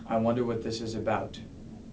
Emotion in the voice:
neutral